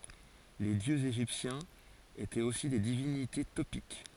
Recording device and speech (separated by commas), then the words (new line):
forehead accelerometer, read sentence
Les dieux égyptiens étaient aussi des divinités topiques.